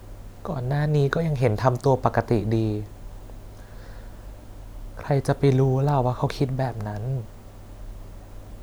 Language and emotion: Thai, sad